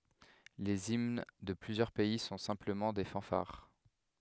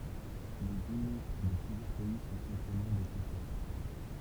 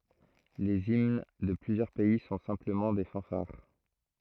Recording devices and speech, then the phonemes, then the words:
headset microphone, temple vibration pickup, throat microphone, read sentence
lez imn də plyzjœʁ pɛi sɔ̃ sɛ̃pləmɑ̃ de fɑ̃faʁ
Les hymnes de plusieurs pays sont simplement des fanfares.

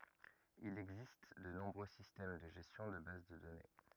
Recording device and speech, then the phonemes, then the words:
rigid in-ear microphone, read sentence
il ɛɡzist də nɔ̃bʁø sistɛm də ʒɛstjɔ̃ də baz də dɔne
Il existe de nombreux systèmes de gestion de base de données.

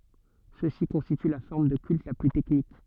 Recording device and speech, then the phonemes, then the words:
soft in-ear microphone, read sentence
sø si kɔ̃stity la fɔʁm də kylt la ply tɛknik
Ceux-ci constituent la forme de culte la plus technique.

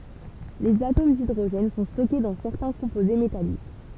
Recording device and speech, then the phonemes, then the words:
temple vibration pickup, read sentence
lez atom didʁoʒɛn sɔ̃ stɔke dɑ̃ sɛʁtɛ̃ kɔ̃poze metalik
Les atomes d'hydrogène sont stockés dans certains composés métalliques.

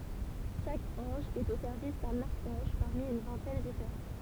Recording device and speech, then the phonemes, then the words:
temple vibration pickup, read sentence
ʃak ɑ̃ʒ ɛt o sɛʁvis dœ̃n aʁkɑ̃ʒ paʁmi yn vɛ̃tɛn difeʁɑ̃
Chaque ange est au service d'un archange, parmi une vingtaine différents.

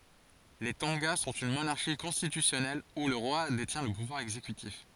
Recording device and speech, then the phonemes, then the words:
forehead accelerometer, read sentence
le tɔ̃ɡa sɔ̃t yn monaʁʃi kɔ̃stitysjɔnɛl u lə ʁwa detjɛ̃ lə puvwaʁ ɛɡzekytif
Les Tonga sont une monarchie constitutionnelle où le roi détient le pouvoir exécutif.

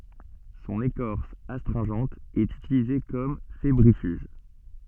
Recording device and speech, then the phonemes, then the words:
soft in-ear microphone, read sentence
sɔ̃n ekɔʁs astʁɛ̃ʒɑ̃t ɛt ytilize kɔm febʁifyʒ
Son écorce astringente est utilisée comme fébrifuge.

